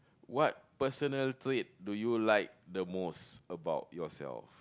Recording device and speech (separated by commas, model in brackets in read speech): close-talking microphone, conversation in the same room